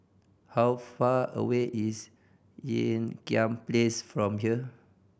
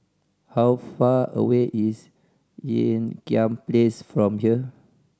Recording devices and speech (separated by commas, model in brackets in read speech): boundary microphone (BM630), standing microphone (AKG C214), read sentence